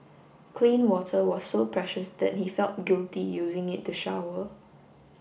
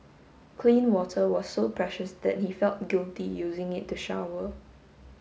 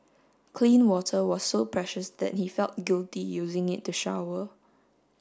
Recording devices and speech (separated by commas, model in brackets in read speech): boundary microphone (BM630), mobile phone (Samsung S8), standing microphone (AKG C214), read sentence